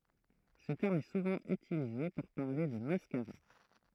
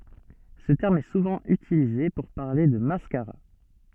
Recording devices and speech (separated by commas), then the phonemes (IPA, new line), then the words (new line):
throat microphone, soft in-ear microphone, read sentence
sə tɛʁm ɛ suvɑ̃ ytilize puʁ paʁle də maskaʁa
Ce terme est souvent utilisé pour parler de mascara.